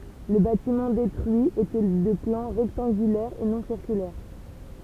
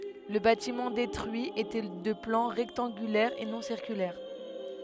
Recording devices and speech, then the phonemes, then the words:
temple vibration pickup, headset microphone, read sentence
lə batimɑ̃ detʁyi etɛ də plɑ̃ ʁɛktɑ̃ɡylɛʁ e nɔ̃ siʁkylɛʁ
Le bâtiment détruit était de plan rectangulaire et non circulaire.

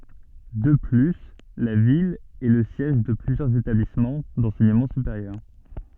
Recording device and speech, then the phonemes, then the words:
soft in-ear microphone, read sentence
də ply la vil ɛ lə sjɛʒ də plyzjœʁz etablismɑ̃ dɑ̃sɛɲəmɑ̃ sypeʁjœʁ
De plus, la ville est le siège de plusieurs établissements d’enseignement supérieur.

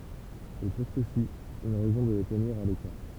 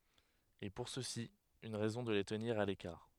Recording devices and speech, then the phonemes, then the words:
temple vibration pickup, headset microphone, read sentence
e puʁ sø si yn ʁɛzɔ̃ də le təniʁ a lekaʁ
Et pour ceux-ci, une raison de les tenir à l'écart.

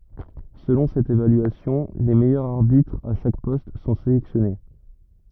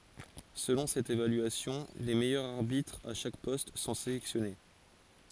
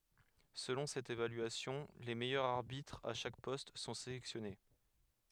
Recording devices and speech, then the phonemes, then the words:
rigid in-ear microphone, forehead accelerometer, headset microphone, read sentence
səlɔ̃ sɛt evalyasjɔ̃ le mɛjœʁz aʁbitʁz a ʃak pɔst sɔ̃ selɛksjɔne
Selon cette évaluation, les meilleurs arbitres à chaque poste sont sélectionnés.

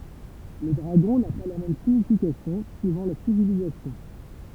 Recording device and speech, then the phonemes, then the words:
temple vibration pickup, read sentence
lə dʁaɡɔ̃ na pa la mɛm siɲifikasjɔ̃ syivɑ̃ la sivilizasjɔ̃
Le dragon n'a pas la même signification suivant la civilisation.

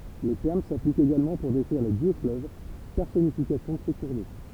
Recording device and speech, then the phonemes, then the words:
temple vibration pickup, read sentence
lə tɛʁm saplik eɡalmɑ̃ puʁ dekʁiʁ le djøksfløv pɛʁsɔnifikasjɔ̃ də se kuʁ do
Le terme s'applique également pour décrire les dieux-fleuves, personnification de ces cours d'eau.

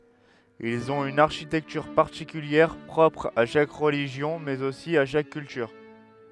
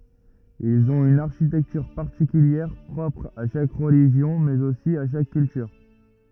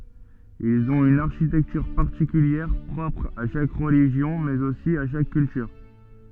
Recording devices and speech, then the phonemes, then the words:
headset microphone, rigid in-ear microphone, soft in-ear microphone, read sentence
ilz ɔ̃t yn aʁʃitɛktyʁ paʁtikyljɛʁ pʁɔpʁ a ʃak ʁəliʒjɔ̃ mɛz osi a ʃak kyltyʁ
Ils ont une architecture particulière, propre à chaque religion, mais aussi à chaque culture.

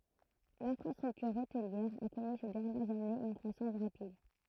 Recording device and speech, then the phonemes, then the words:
throat microphone, read sentence
lɛ̃fʁastʁyktyʁ otliɛʁ a kɔny se dɛʁnjɛʁz anez yn kʁwasɑ̃s ʁapid
L'infrastructure hôtelière a connu ces dernières années une croissance rapide.

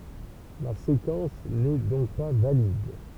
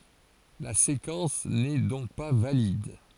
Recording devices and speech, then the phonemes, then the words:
temple vibration pickup, forehead accelerometer, read sentence
la sekɑ̃s nɛ dɔ̃k pa valid
La séquence n’est donc pas valide.

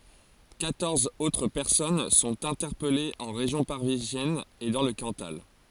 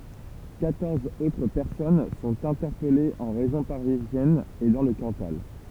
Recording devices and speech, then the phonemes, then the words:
forehead accelerometer, temple vibration pickup, read sentence
kwatɔʁz otʁ pɛʁsɔn sɔ̃t ɛ̃tɛʁpɛlez ɑ̃ ʁeʒjɔ̃ paʁizjɛn e dɑ̃ lə kɑ̃tal
Quatorze autres personnes sont interpellées en région parisienne et dans le Cantal.

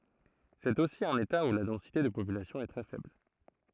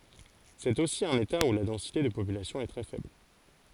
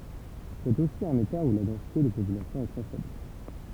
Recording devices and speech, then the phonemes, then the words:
throat microphone, forehead accelerometer, temple vibration pickup, read sentence
sɛt osi œ̃n eta u la dɑ̃site də popylasjɔ̃ ɛ tʁɛ fɛbl
C'est aussi un État où la densité de population est très faible.

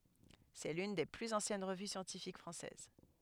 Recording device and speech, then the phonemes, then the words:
headset microphone, read sentence
sɛ lyn de plyz ɑ̃sjɛn ʁəvy sjɑ̃tifik fʁɑ̃sɛz
C'est l'une des plus anciennes revues scientifiques françaises.

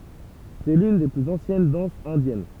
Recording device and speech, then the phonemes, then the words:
temple vibration pickup, read sentence
sɛ lyn de plyz ɑ̃sjɛn dɑ̃sz ɛ̃djɛn
C'est l'une des plus anciennes danses indiennes.

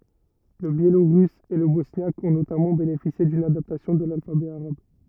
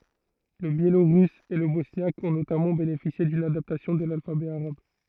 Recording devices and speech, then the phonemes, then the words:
rigid in-ear microphone, throat microphone, read sentence
lə bjeloʁys e lə bɔsnjak ɔ̃ notamɑ̃ benefisje dyn adaptasjɔ̃ də lalfabɛ aʁab
Le biélorusse et le bosniaque ont notamment bénéficié d'une adaptation de l'alphabet arabe.

